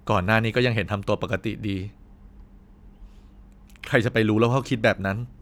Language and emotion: Thai, frustrated